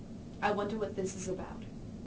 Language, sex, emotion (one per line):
English
female
neutral